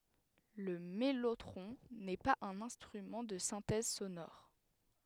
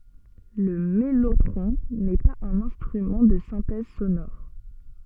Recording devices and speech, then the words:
headset microphone, soft in-ear microphone, read sentence
Le mellotron n’est pas un instrument de synthèse sonore.

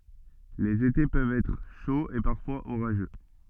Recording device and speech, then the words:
soft in-ear microphone, read sentence
Les étés peuvent être chauds et parfois orageux.

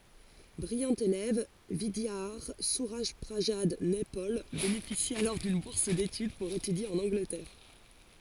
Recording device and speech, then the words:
forehead accelerometer, read sentence
Brillant élève, Vidiadhar Surajprasad Naipaul bénéficie alors d'une bourse d'étude pour étudier en Angleterre.

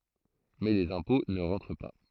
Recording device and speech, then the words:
throat microphone, read sentence
Mais les impôts ne rentrent pas.

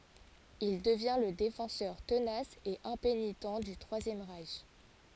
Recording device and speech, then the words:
forehead accelerometer, read sentence
Il devient le défenseur tenace et impénitent du Troisième Reich.

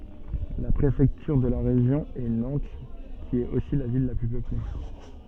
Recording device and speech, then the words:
soft in-ear microphone, read sentence
La préfecture de région est Nantes, qui est aussi la ville la plus peuplée.

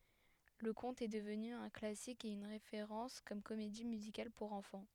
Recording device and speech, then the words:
headset microphone, read sentence
Le conte est devenu un classique et une référence comme comédie musicale pour enfants.

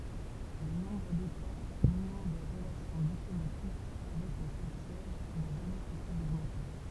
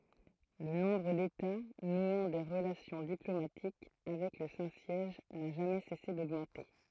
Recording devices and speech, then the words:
temple vibration pickup, throat microphone, read sentence
Le nombre d'États nouant des relations diplomatiques avec le Saint-Siège n'a jamais cessé d'augmenter.

